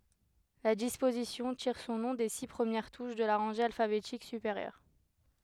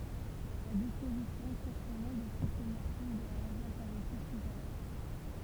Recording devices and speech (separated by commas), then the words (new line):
headset microphone, temple vibration pickup, read sentence
La disposition tire son nom des six premières touches de la rangée alphabétique supérieure.